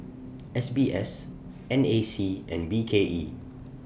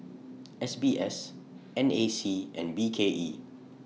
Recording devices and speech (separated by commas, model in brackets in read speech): boundary microphone (BM630), mobile phone (iPhone 6), read sentence